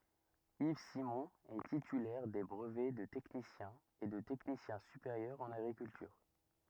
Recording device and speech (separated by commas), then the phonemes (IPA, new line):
rigid in-ear microphone, read sentence
iv simɔ̃ ɛ titylɛʁ de bʁəvɛ də tɛknisjɛ̃ e də tɛknisjɛ̃ sypeʁjœʁ ɑ̃n aɡʁikyltyʁ